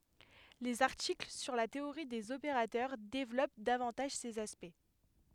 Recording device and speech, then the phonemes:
headset microphone, read sentence
lez aʁtikl syʁ la teoʁi dez opeʁatœʁ devlɔp davɑ̃taʒ sez aspɛkt

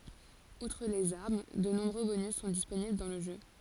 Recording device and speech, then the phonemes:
forehead accelerometer, read sentence
utʁ lez aʁm də nɔ̃bʁø bonys sɔ̃ disponibl dɑ̃ lə ʒø

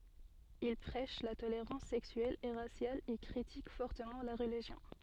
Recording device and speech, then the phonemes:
soft in-ear microphone, read sentence
il pʁɛʃ la toleʁɑ̃s sɛksyɛl e ʁasjal e kʁitik fɔʁtəmɑ̃ la ʁəliʒjɔ̃

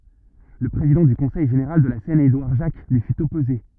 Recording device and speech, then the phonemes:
rigid in-ear microphone, read sentence
lə pʁezidɑ̃ dy kɔ̃sɛj ʒeneʁal də la sɛn edwaʁ ʒak lyi fyt ɔpoze

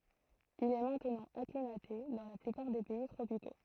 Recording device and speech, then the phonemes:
throat microphone, read sentence
il ɛ mɛ̃tnɑ̃ aklimate dɑ̃ la plypaʁ de pɛi tʁopiko

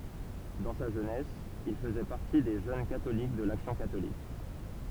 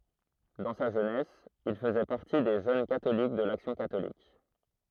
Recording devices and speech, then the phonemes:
temple vibration pickup, throat microphone, read sentence
dɑ̃ sa ʒønɛs il fəzɛ paʁti de ʒøn katolik də laksjɔ̃ katolik

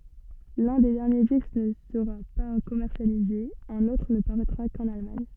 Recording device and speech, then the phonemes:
soft in-ear microphone, read sentence
lœ̃ de dɛʁnje disk nə səʁa pa kɔmɛʁsjalize œ̃n otʁ nə paʁɛtʁa kɑ̃n almaɲ

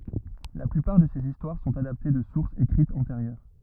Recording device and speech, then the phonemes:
rigid in-ear microphone, read sentence
la plypaʁ də sez istwaʁ sɔ̃t adapte də suʁsz ekʁitz ɑ̃teʁjœʁ

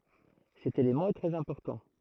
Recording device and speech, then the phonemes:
throat microphone, read sentence
sɛt elemɑ̃ ɛ tʁɛz ɛ̃pɔʁtɑ̃

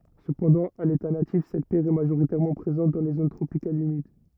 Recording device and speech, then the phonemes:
rigid in-ear microphone, read sentence
səpɑ̃dɑ̃ a leta natif sɛt pjɛʁ ɛ maʒoʁitɛʁmɑ̃ pʁezɑ̃t dɑ̃ le zon tʁopikalz ymid

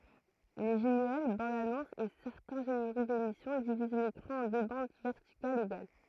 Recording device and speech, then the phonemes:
throat microphone, read sentence
le ʒɛ̃ɡl bɑ̃dzanɔ̃sz e sɛʁtɛ̃ ʒeneʁik demisjɔ̃ diviz lekʁɑ̃ ɑ̃ dø bɑ̃d vɛʁtikalz eɡal

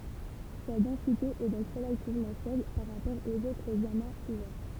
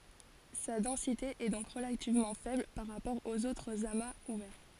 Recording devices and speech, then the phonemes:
temple vibration pickup, forehead accelerometer, read sentence
sa dɑ̃site ɛ dɔ̃k ʁəlativmɑ̃ fɛbl paʁ ʁapɔʁ oz otʁz amaz uvɛʁ

